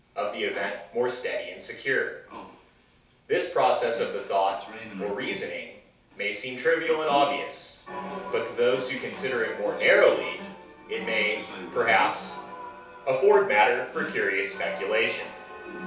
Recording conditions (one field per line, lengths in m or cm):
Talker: one person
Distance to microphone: 3.0 m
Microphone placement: far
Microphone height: 1.8 m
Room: small (3.7 m by 2.7 m)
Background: television